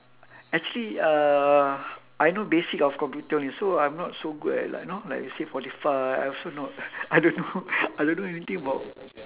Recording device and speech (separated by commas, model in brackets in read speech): telephone, conversation in separate rooms